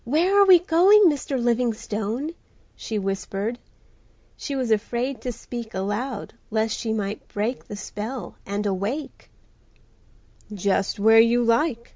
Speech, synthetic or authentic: authentic